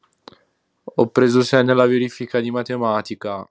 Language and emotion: Italian, sad